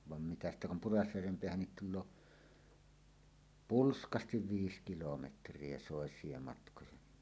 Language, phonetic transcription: Finnish, van mitä ‿stä kum 'Purasjärvem 'peähännit tul̆loo , "pulskastiv "viis 'kilometr̀ie "sòes̀ie 'matkoja ni .
- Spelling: vaan mitä sitä kun Purasjärven päähän tulee pulskasti viisi kilometriä soisia matkoja niin

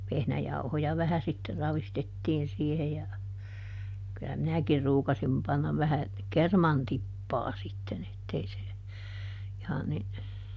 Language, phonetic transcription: Finnish, ˈvehnäjauhoja ˈvähä sitter ˈravistettiin siihe ja , kyllä "minäkir ˈruukasim pannav ˈvähä , "kerman ˈtippaa sitten ‿ettei se , ihan ni ,.
- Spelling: vehnäjauhoja vähän sitten ravistettiin siihen ja kyllä minäkin ruukasin panna vähän kerman tippaa sitten että ei se ihan niin

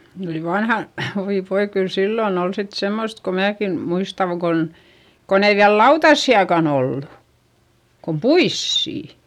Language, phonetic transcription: Finnish, ne oli vanhan- , oi voi kyl sillon ‿ol sit semmost ko määki , muistaŋ Gon , kon ‿ei viäl lautassi₍akan ‿ollu , kum puissì .
- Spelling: ne oli - oi voi kyllä silloin oli sitten semmoista kun minäkin muistan kun kun ei vielä lautasiakaan ollut kuin puisia

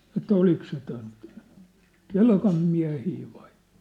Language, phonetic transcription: Finnish, ᵉt̆tä 'olik se ton , "Kelkam miä̭hii vai ,.
- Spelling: että oliko se tuon Kelkan miehiä vai

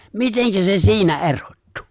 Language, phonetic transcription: Finnish, miteŋkä 'se "si̬inä "erottᴜ ?!
- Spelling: miten se siinä erottui

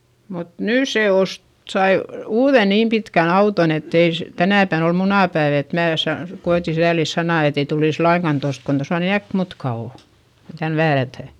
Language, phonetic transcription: Finnish, mut nỳ se ost , sai , uuδe niim pikän ‿auton ‿ettei s- , tänä̀pän ‿ol munàpäiv ‿et mää sa- , ko₍eti säälis sanà etei tulìs laiŋkan tost , kon tosa ni äkmutka ò , kon tän väärätä̀ .
- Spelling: mutta nyt se osti sai uuden niin pitkän auton että ei - tänä päivänä oli munapäivä että minä - koetin sääliä sanaa että ei tulisi lainkaan tuosta kun tuossa niin äkkimutka on kun tänne väärätään

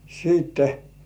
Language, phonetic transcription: Finnish, siitte .
- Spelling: sitten

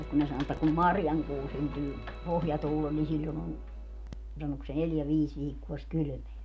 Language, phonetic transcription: Finnish, ja kun ne 'sano että kum "marjaŋkuu 'syntyy , 'pohjatuulel ni 'siĺĺon ‿on , 'sanok se "neljä 'viis 'viikkuo sik "kylʸmeä .
- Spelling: ja kun ne sanoi että kun marjankuu syntyy pohjatuulella niin silloin on sanoiko se neljä viisi viikkoa sitten kylmää

